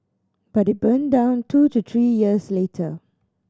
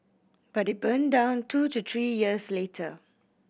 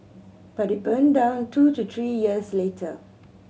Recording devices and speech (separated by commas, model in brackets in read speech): standing microphone (AKG C214), boundary microphone (BM630), mobile phone (Samsung C7100), read sentence